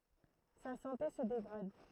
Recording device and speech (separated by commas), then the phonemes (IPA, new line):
throat microphone, read sentence
sa sɑ̃te sə deɡʁad